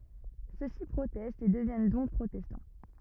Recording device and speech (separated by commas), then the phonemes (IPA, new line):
rigid in-ear microphone, read sentence
søksi pʁotɛstt e dəvjɛn dɔ̃k pʁotɛstɑ̃